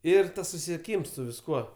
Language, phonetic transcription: Lithuanian, ˈir ˈtas susisieˈkyms su visˈkuo

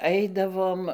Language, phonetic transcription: Lithuanian, ˈaidavom

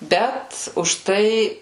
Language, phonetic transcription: Lithuanian, ˈbet užˈtai

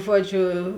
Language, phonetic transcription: Lithuanian, ˈžuoˌdžiu

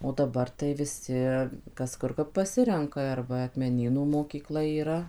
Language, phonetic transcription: Lithuanian, o daˈbar tai viˈsi ˈkas ˈkur kap paˈsirenka ar ˈva akmeˈnynų mokyˈkla yˈra

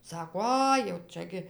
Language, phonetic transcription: Lithuanian, ˈsako ˈai jau ˈčia gi

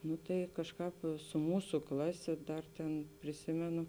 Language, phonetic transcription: Lithuanian, ˈnu tai ˈkažˌkāp su ˈmūsu ˈklaˌsė ˈdar tėn priˈsimenu

